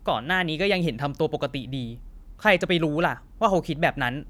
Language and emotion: Thai, angry